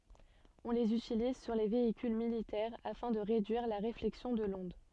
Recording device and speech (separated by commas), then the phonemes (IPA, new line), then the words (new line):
soft in-ear microphone, read sentence
ɔ̃ lez ytiliz syʁ le veikyl militɛʁ afɛ̃ də ʁedyiʁ la ʁeflɛksjɔ̃ də lɔ̃d
On les utilise sur les véhicules militaires afin de réduire la réflexion de l’onde.